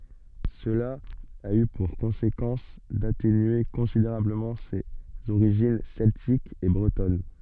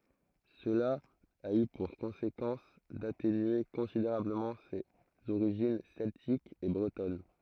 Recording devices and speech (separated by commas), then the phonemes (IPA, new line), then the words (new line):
soft in-ear microphone, throat microphone, read sentence
səla a y puʁ kɔ̃sekɑ̃s datenye kɔ̃sideʁabləmɑ̃ sez oʁiʒin sɛltikz e bʁətɔn
Cela a eu pour conséquence d'atténuer considérablement ses origines celtiques et bretonnes.